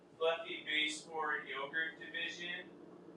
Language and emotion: English, sad